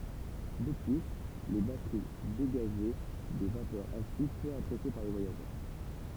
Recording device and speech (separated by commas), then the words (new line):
temple vibration pickup, read sentence
De plus, les batteries dégageaient des vapeurs acides peu appréciées par les voyageurs...